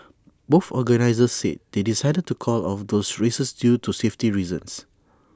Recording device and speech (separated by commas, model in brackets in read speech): standing microphone (AKG C214), read sentence